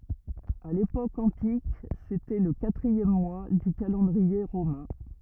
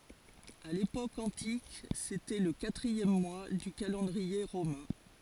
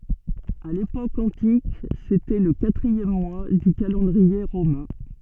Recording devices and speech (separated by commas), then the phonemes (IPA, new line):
rigid in-ear microphone, forehead accelerometer, soft in-ear microphone, read sentence
a lepok ɑ̃tik setɛ lə katʁiɛm mwa dy kalɑ̃dʁie ʁomɛ̃